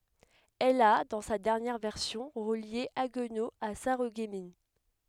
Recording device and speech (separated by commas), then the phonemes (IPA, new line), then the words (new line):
headset microphone, read sentence
ɛl a dɑ̃ sa dɛʁnjɛʁ vɛʁsjɔ̃ ʁəlje aɡno a saʁəɡmin
Elle a, dans sa dernière version, relié Haguenau à Sarreguemines.